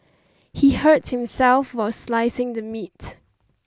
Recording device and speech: standing microphone (AKG C214), read sentence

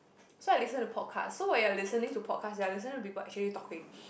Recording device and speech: boundary microphone, conversation in the same room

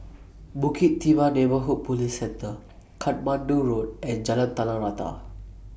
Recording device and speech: boundary microphone (BM630), read sentence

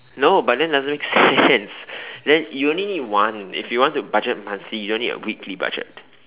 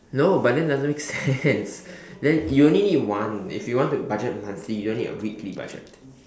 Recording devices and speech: telephone, standing microphone, conversation in separate rooms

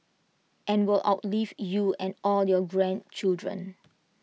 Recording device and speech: mobile phone (iPhone 6), read sentence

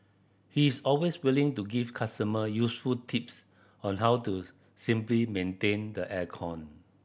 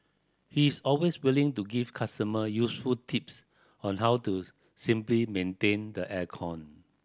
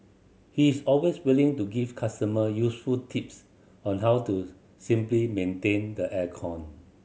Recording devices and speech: boundary microphone (BM630), standing microphone (AKG C214), mobile phone (Samsung C7100), read sentence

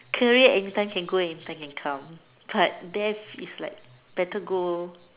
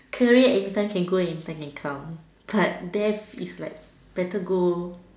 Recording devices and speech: telephone, standing microphone, conversation in separate rooms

